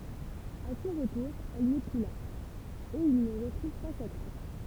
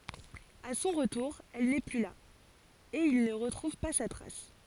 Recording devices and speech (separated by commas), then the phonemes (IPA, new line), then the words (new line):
temple vibration pickup, forehead accelerometer, read sentence
a sɔ̃ ʁətuʁ ɛl nɛ ply la e il nə ʁətʁuv pa sa tʁas
A son retour, elle n'est plus là, et il ne retrouve pas sa trace.